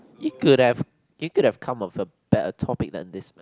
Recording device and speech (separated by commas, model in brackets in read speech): close-talking microphone, conversation in the same room